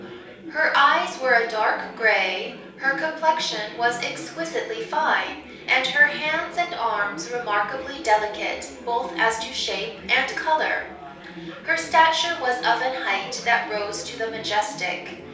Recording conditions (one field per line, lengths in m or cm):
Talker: one person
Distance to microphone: 3.0 m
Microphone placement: far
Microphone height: 1.8 m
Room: small (3.7 m by 2.7 m)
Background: babble